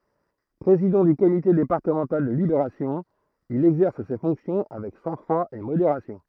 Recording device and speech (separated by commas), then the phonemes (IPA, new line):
throat microphone, read sentence
pʁezidɑ̃ dy komite depaʁtəmɑ̃tal də libeʁasjɔ̃ il ɛɡzɛʁs se fɔ̃ksjɔ̃ avɛk sɑ̃ɡfʁwa e modeʁasjɔ̃